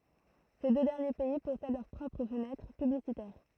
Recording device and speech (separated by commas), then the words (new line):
throat microphone, read sentence
Ces deux derniers pays possèdent leurs propres fenêtres publicitaires.